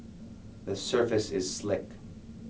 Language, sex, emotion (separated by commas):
English, male, neutral